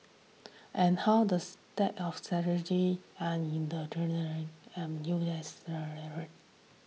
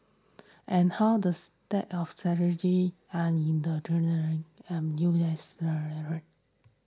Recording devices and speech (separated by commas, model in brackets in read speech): mobile phone (iPhone 6), standing microphone (AKG C214), read sentence